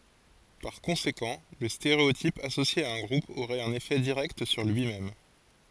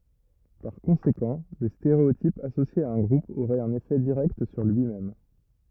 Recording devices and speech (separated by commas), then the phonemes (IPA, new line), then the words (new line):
forehead accelerometer, rigid in-ear microphone, read sentence
paʁ kɔ̃sekɑ̃ lə steʁeotip asosje a œ̃ ɡʁup oʁɛt œ̃n efɛ diʁɛkt syʁ lyi mɛm
Par conséquent, le stéréotype associé à un groupe aurait un effet direct sur lui-même.